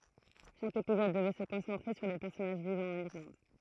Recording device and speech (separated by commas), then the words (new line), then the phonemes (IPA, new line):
throat microphone, read sentence
Chaque épisode devait se concentrer sur des personnages vivant en Irlande.
ʃak epizɔd dəvɛ sə kɔ̃sɑ̃tʁe syʁ de pɛʁsɔnaʒ vivɑ̃ ɑ̃n iʁlɑ̃d